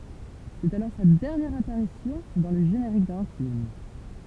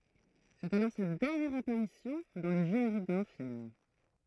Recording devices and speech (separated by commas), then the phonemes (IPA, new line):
temple vibration pickup, throat microphone, read sentence
sɛt alɔʁ sa dɛʁnjɛʁ apaʁisjɔ̃ dɑ̃ lə ʒeneʁik dœ̃ film